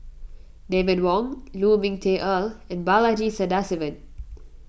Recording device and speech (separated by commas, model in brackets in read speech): boundary microphone (BM630), read sentence